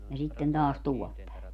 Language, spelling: Finnish, ja sitten taas tuolla päin
- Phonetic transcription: ja 'sitten taas 'tuol pä̀e .

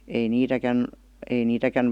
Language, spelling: Finnish, ei niitäkään ei niitäkään
- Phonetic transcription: ei 'niitäkän , ei 'niitäkän ,.

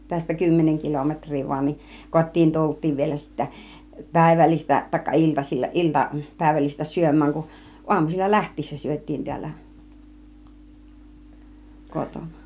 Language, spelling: Finnish, tästä kymmenen kilometriä vain niin kotiin tultiin vielä sitten päivällistä tai iltasilla ilta päivällistä syömään kun aamusilla lähtiessä syötiin täällä kotona
- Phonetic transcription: tästä 'kymmeneŋ 'kilometŕ̆ri vain ni , 'kot́̆tiin "tult̆tiiv vielä sittä , 'pä̀ivällis̆tä , tàikka 'iltasil͕l͕a , 'ilta , 'pä̀ivällistä 'syöm̆määŋ ku , 'uam̀usil͕l͕a "läht̆tiissä syöt̆tiin 'ti̬ällä , 'kotona .

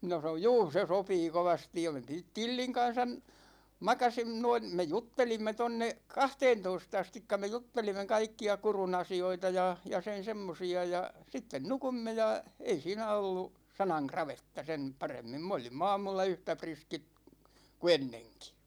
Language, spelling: Finnish, minä sanoin juu se sopii kovasti ja me - Tillin kanssa makasimme noin me juttelimme tuonne kahteentoista asti me juttelimme kaikkia Kurun asioita ja ja sen semmoisia ja sitten nukuimme ja ei siinä ollut sanan kravetta sen paremmin me olimme aamulla yhtä riskit kuin ennenkin
- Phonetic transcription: minä sa(n)oj » 'juu , 'se "sopii 'kovastij « ja (me) Ti- 'Tilliŋ kan̬san , 'makasim(me) noin̬ , 'me "juttelimme 'tonne , "kahteentois't ‿astikka me 'juttelimme 'kaikki₍a 'Kuru'n ‿asi₍oita ja , ja 'sen̬ "semmosi₍a ja , 'sitten "nukumme ja , 'ei 'siinä ollu , 'sanaŋ "kravetta sen , 'paremmim 'm ‿olim'm ‿aamulla 'yhtä 'priskit , ku "enneŋki .

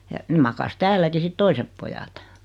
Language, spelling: Finnish, ja ne makasi täälläkin sitten toiset pojat
- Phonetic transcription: ja , 'nᵉ makas "täälläki 'sit "toisep pojat .

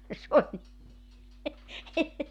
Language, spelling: Finnish, ja se oli
- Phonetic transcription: ja s ‿oĺ ,.

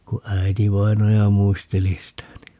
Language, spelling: Finnish, kun äitivainaja muisteli sitä niin
- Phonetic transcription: ku 'äi̮tivainaja "muisteli sitä ni .

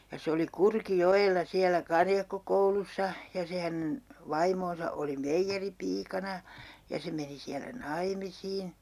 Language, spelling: Finnish, ja se oli Kurkijoella siellä karjakkokoulussa ja se hänen vaimonsa oli meijeripiikana ja se meni siellä naimisiin
- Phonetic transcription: ja se oli "Kurki'jo₍ella 'siälä 'karjakkokoulussa , ja 'se hänen , 'vaimoonsa oli "meijjeripiikana , ja 'se meni 'siälä 'naimisiin ,.

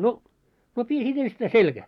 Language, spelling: Finnish, no no piti sitten ensittäin selkään
- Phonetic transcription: » no , no 'pii sit enstäi "selɢä . «

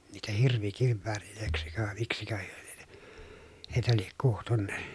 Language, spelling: Finnish, niitä hirvikivääreiksi vai miksikö he lienee heitä lie kutsunut
- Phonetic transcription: niitä hirvikivväärilö̀eksikö vàe miksikö hyö LIENE , heitä liek kuhtunn .

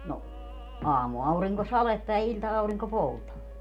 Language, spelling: Finnish, no aamuaurinko sadetta ja ilta-aurinko poutaa
- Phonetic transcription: no , 'aamu₍auriŋko "saletta ja 'iĺta₍auriŋko 'poutaa .

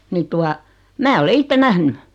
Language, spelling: Finnish, niin tuota minä olen itse nähnyt
- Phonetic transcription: 'ni tua , 'mää ole "itte 'nähny .

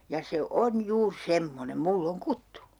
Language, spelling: Finnish, ja se on juuri semmoinen minulla on kuttu
- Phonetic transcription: ja se "on 'juur "semmonem 'mull ‿oŋ 'kuttu .

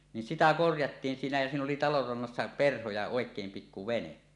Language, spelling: Finnish, niin sitä korjattiin siinä ja siinä oli talon rannassa perho ja oikein pikku vene
- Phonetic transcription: nin 'sitä 'korjattiin siinä jä siin ‿oli 'talor rannassa "perho ja "òek̀eem 'pikku "vene .

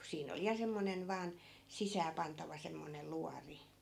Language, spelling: Finnish, kun siinä oli ja semmoinen vain sisääpantava semmoinen luoti
- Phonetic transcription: ku 'siin ‿oli ja 'semmonen 'vaan , 'sisääpantava semmonel "luari .

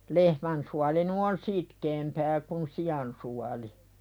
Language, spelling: Finnish, lehmän suoli nyt on sitkeämpää kuin sian suoli
- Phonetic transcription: 'lehmän suali nu̳ on "sitkeempää kun "si₍an suali .

